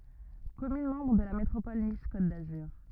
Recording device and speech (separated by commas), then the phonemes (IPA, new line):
rigid in-ear microphone, read sentence
kɔmyn mɑ̃bʁ də la metʁopɔl nis kot dazyʁ